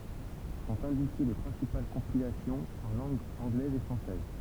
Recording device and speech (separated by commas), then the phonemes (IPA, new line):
temple vibration pickup, read sentence
sɔ̃t ɛ̃dike le pʁɛ̃sipal kɔ̃pilasjɔ̃z ɑ̃ lɑ̃ɡ ɑ̃ɡlɛz e fʁɑ̃sɛz